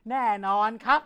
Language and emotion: Thai, neutral